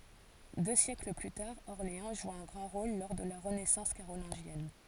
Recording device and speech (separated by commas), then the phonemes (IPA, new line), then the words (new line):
forehead accelerometer, read sentence
dø sjɛkl ply taʁ ɔʁleɑ̃ ʒu œ̃ ɡʁɑ̃ ʁol lɔʁ də la ʁənɛsɑ̃s kaʁolɛ̃ʒjɛn
Deux siècles plus tard, Orléans joue un grand rôle lors de la renaissance carolingienne.